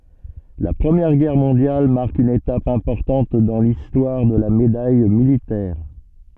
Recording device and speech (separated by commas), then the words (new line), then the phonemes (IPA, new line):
soft in-ear microphone, read sentence
La Première Guerre mondiale marque une étape importante dans l’histoire de la Médaille militaire.
la pʁəmjɛʁ ɡɛʁ mɔ̃djal maʁk yn etap ɛ̃pɔʁtɑ̃t dɑ̃ listwaʁ də la medaj militɛʁ